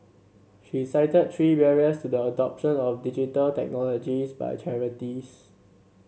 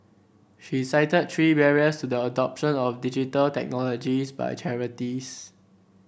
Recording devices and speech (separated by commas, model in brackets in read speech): mobile phone (Samsung C7), boundary microphone (BM630), read sentence